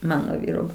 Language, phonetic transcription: Lithuanian, ˈmano ˈvyro

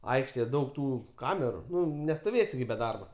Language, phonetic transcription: Lithuanian, ˈaikštėje ˈdaug ˈtų ˈkameru ˈnu nestoˈvėsi gi be ˈdarba

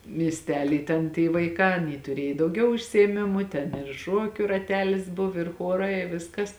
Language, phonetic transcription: Lithuanian, miesˈtely ˈten ty vaiˈkā aˈny tuˈriej dauˈgiau užsiėˈmimu ˈten ir ˈšuokiu raˈtelis ˈbuv ir ˈchuorai i ˈviskas

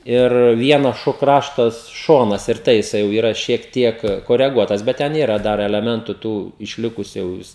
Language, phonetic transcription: Lithuanian, ir ˈvienas ˈšo ˈkraštas ˈšonas ir ˈtai jiˈsai jau yˈra šiek ˈtiek koreˈguotas ˈbet ˈten ˈyra ˈdar eleˈmentu ˈtų išˈlikusiu jau ˈvis

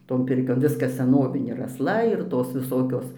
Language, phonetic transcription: Lithuanian, ˈton ˈpirkion ˈviskas seˈnovinė ir asˈla ir ˈtos viˈsokios

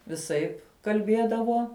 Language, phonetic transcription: Lithuanian, viˈsaip kalˈbiedavo

